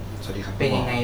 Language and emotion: Thai, neutral